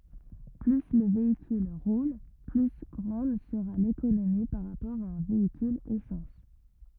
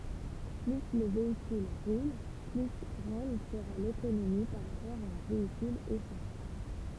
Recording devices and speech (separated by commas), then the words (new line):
rigid in-ear microphone, temple vibration pickup, read sentence
Plus le véhicule roule, plus grande sera l'économie par rapport à un véhicule essence.